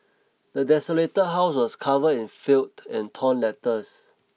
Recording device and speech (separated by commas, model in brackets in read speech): mobile phone (iPhone 6), read sentence